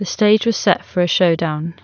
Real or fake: real